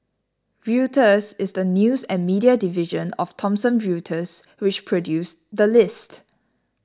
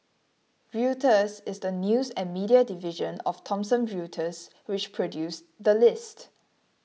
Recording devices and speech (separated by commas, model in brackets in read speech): standing microphone (AKG C214), mobile phone (iPhone 6), read sentence